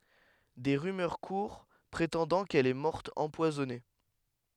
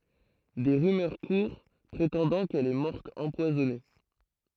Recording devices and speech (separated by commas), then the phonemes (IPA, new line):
headset microphone, throat microphone, read sentence
de ʁymœʁ kuʁ pʁetɑ̃dɑ̃ kɛl ɛ mɔʁt ɑ̃pwazɔne